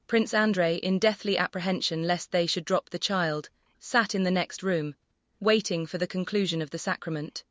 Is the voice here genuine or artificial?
artificial